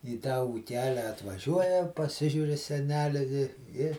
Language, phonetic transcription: Lithuanian, į tą ūˈkelę atvaˈžiuoja paˈsižiūr i seˈneli vi i

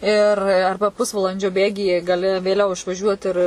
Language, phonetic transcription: Lithuanian, ir ˈarba ˈpusvalandžio ˈbėgyje gaˈli vėˈliau išvaˈžiuot ir

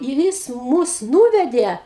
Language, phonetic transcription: Lithuanian, ir ˈjis ˈmus ˈnūvedė

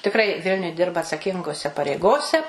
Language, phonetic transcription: Lithuanian, tikˈrai ˈvilniuj ˈdirba atsaˈkingose pareiˈgose

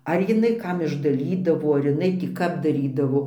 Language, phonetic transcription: Lithuanian, ˈar jiˈnai ˈkam išdaˈlydavo ar iˈnai tį ˈkap daˈrydavo

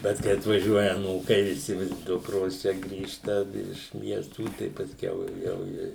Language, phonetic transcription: Lithuanian, ˈbet kai atvaˈžiuoja aˈnūkai viˈsi ˈdukros ˈčia ˈgrįžta iš ˈmiestų tai pasˈkiau ˈjau i

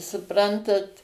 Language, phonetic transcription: Lithuanian, suˈprantat

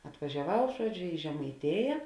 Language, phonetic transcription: Lithuanian, atvažiaˈvau ˈžuoˌdžio i žemaiˈtėja

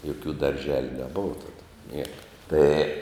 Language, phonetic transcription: Lithuanian, joˈkių darˈželiu neˈbova ˈtada ˈnieka ˈtai

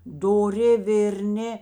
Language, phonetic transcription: Lithuanian, doˈri vėrˈni

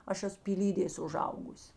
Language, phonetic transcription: Lithuanian, ˈaš ˈesu pyˈlydės uˈžaugus

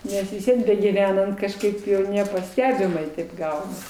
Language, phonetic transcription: Lithuanian, ˈnes vis ˈvien begyˈvenant kažˈkaip nepaˈstebimai taip ˈgaunas

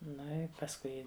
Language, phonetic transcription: Lithuanian, ˈnu i pasˈkui

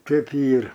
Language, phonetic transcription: Lithuanian, ˈtaip ˈyr

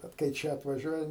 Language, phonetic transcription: Lithuanian, ˈbet kai ˈčia atvaˈžiuoja

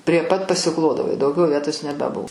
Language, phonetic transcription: Lithuanian, prie ˈpat pasiˈklodavo i dauˈgiau ˈvietos nebeˈbu

